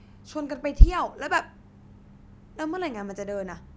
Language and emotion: Thai, angry